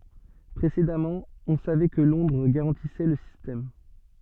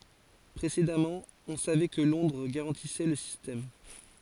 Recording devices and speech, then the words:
soft in-ear microphone, forehead accelerometer, read sentence
Précédemment, on savait que Londres garantissait le système.

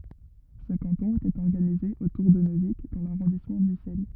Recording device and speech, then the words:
rigid in-ear microphone, read sentence
Ce canton était organisé autour de Neuvic dans l'arrondissement d'Ussel.

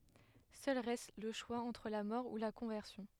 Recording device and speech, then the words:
headset microphone, read sentence
Seul reste le choix entre la mort ou la conversion.

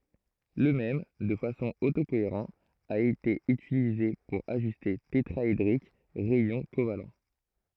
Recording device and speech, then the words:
throat microphone, read sentence
Le même, de façon auto-cohérent a été utilisée pour ajuster tétraédrique rayons covalents.

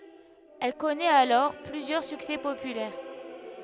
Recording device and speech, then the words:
headset microphone, read sentence
Elle connaît alors plusieurs succès populaires.

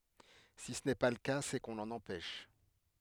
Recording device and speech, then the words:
headset microphone, read sentence
Si ce n’est pas le cas, c’est qu’on l’en empêche.

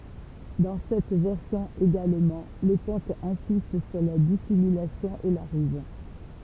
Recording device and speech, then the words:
temple vibration pickup, read sentence
Dans cette version également, le conte insiste sur la dissimulation et la ruse.

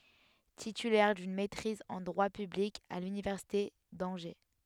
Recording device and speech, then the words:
headset microphone, read sentence
Titulaire d'une maîtrise en droit public à l'université d'Angers.

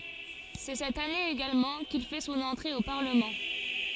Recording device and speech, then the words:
forehead accelerometer, read sentence
C'est cette année également qu'il fait son entrée au Parlement.

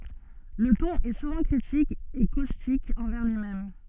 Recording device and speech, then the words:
soft in-ear microphone, read sentence
Le ton est souvent critique et caustique envers lui-même.

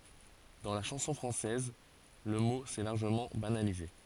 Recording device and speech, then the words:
forehead accelerometer, read sentence
Dans la chanson française, le mot s'est largement banalisé.

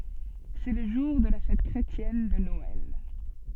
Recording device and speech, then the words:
soft in-ear microphone, read sentence
C'est le jour de la fête chrétienne de Noël.

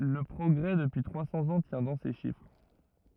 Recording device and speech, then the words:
rigid in-ear microphone, read sentence
Le progrès depuis trois cents ans tient dans ces chiffres.

